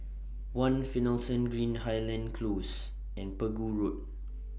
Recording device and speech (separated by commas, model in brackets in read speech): boundary microphone (BM630), read sentence